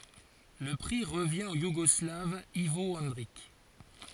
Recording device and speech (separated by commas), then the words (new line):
forehead accelerometer, read sentence
Le prix revient au Yougoslave Ivo Andrić.